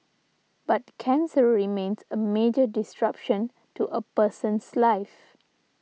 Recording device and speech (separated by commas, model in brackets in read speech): mobile phone (iPhone 6), read sentence